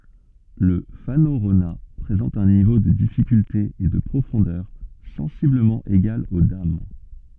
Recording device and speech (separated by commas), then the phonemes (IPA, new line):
soft in-ear microphone, read sentence
lə fanoʁona pʁezɑ̃t œ̃ nivo də difikylte e də pʁofɔ̃dœʁ sɑ̃sibləmɑ̃ eɡal o dam